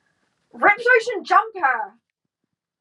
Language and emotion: English, disgusted